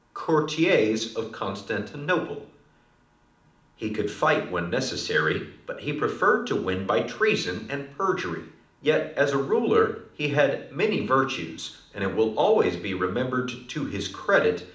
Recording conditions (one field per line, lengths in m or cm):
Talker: one person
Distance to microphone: 2.0 m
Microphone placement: close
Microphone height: 99 cm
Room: medium-sized (5.7 m by 4.0 m)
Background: none